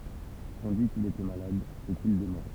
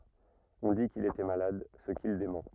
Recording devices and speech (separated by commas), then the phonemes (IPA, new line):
temple vibration pickup, rigid in-ear microphone, read sentence
ɔ̃ di kil etɛ malad sə kil demɑ̃